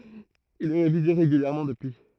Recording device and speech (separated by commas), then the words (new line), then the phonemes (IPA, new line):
throat microphone, read sentence
Il est révisé régulièrement depuis.
il ɛ ʁevize ʁeɡyljɛʁmɑ̃ dəpyi